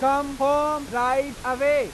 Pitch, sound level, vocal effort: 275 Hz, 100 dB SPL, loud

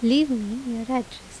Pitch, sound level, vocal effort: 245 Hz, 82 dB SPL, normal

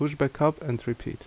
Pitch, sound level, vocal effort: 140 Hz, 76 dB SPL, normal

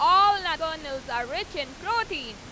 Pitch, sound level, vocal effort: 320 Hz, 100 dB SPL, very loud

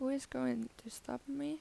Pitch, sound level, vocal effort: 260 Hz, 80 dB SPL, soft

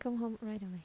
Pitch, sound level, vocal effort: 220 Hz, 77 dB SPL, soft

